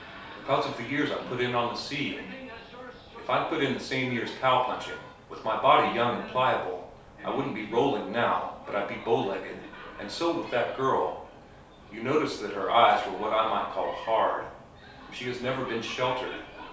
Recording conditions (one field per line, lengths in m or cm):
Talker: one person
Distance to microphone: 3.0 m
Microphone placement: far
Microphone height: 1.8 m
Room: small (3.7 m by 2.7 m)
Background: television